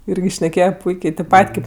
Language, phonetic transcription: Lithuanian, ˈirgi šneˈkėje ˈpuikė tėp ˈpat' ˈkėp

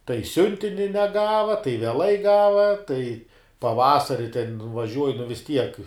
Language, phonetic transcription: Lithuanian, tai ˈsiuntini neˈgava tai veˈlai ˈgava tai paˈvasari ten vaˈžiuoji nu vis ˈtiek

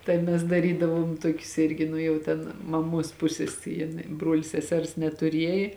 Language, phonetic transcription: Lithuanian, tai ˈmes daˈrydavuom ˈtuokius ˈirgi nu jau ˈten maˈmuos ˈpusės jin ˈbruol' seˈsers netuˈriejė

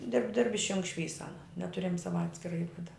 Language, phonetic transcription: Lithuanian, dirb dirb ˈišjung ˈšvysa aˈna neˈturiam ˈsava ˈatskira ˈivada

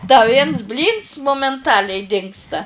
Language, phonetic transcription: Lithuanian, da ˈviens ˈblyns momenˈtaliai ˈdingsta

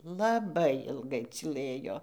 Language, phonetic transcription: Lithuanian, laˈbai ilˈgai cyˈlɘjo

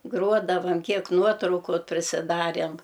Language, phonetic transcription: Lithuanian, ˈgruodavam ˈkiek ˈnuotrauku prisiˈdarėm

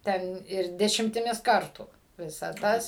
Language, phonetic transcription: Lithuanian, ˈten ir dešimtiˈmis ˈkartų ˈvisa ˈtas

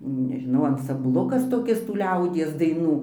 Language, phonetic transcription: Lithuanian, nežiˈnau ansamˈblukas toˈkis tų ˈliaudies daiˈnų

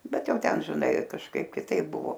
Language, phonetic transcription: Lithuanian, ˈbet ˈjau ˈten žiˈnai kažˈkaip kiˈtaip ˈbuvo

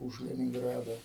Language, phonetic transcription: Lithuanian, už leninˈgrada

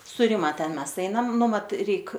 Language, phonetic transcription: Lithuanian, su ˈrima ˈten ˈmes ˈeinam ˈnu ˈmat ˈreik

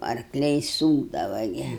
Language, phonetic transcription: Lithuanian, arkˈliai ˈsūkdava ˈgi

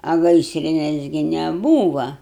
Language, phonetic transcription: Lithuanian, a ˈgaisrines gi neˈbūva

